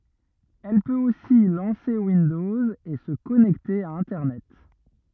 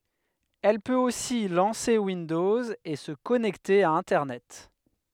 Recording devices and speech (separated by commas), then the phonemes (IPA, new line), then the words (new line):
rigid in-ear microphone, headset microphone, read sentence
ɛl pøt osi lɑ̃se windɔz e sə kɔnɛkte a ɛ̃tɛʁnɛt
Elle peut aussi lancer Windows et se connecter à internet.